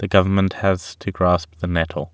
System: none